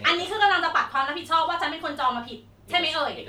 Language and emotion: Thai, angry